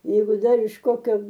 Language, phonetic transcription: Lithuanian, ˈjeigu ˈdar iš ˈkokio

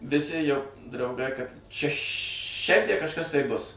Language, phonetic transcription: Lithuanian, viˈsi jau drauˈgai kad šia ˈšiandie kažˈkas tai bus

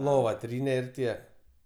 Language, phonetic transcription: Lithuanian, lova ˈtryne ir ˈtie

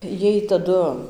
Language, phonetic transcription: Lithuanian, ˈjiej taˈdu

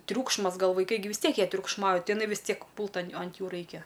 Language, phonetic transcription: Lithuanian, ˈtriūkšmas ˈgal vaiˈkai gi vis ˈtiek jie triukšˈmauj ˈtai iˈnai vis ˈtiek ˈpūlt an ant ˈjų ˈraikia

